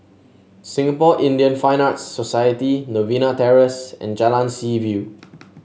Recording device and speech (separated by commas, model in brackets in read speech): mobile phone (Samsung S8), read sentence